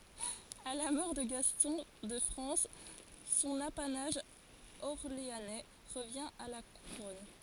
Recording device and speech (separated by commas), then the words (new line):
forehead accelerometer, read sentence
À la mort de Gaston de France, son apanage orléanais revient à la Couronne.